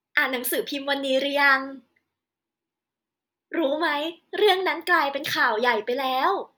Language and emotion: Thai, happy